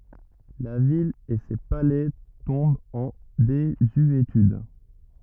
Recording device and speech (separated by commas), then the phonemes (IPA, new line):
rigid in-ear microphone, read sentence
la vil e se palɛ tɔ̃bt ɑ̃ dezyetyd